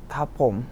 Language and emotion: Thai, neutral